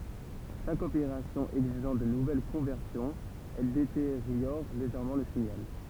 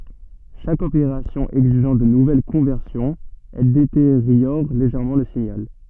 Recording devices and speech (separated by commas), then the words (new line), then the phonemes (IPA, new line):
temple vibration pickup, soft in-ear microphone, read sentence
Chaque opération exigeant de nouvelles conversions, elle détériore légèrement le signal.
ʃak opeʁasjɔ̃ ɛɡziʒɑ̃ də nuvɛl kɔ̃vɛʁsjɔ̃z ɛl deteʁjɔʁ leʒɛʁmɑ̃ lə siɲal